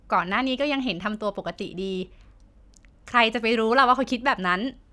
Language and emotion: Thai, neutral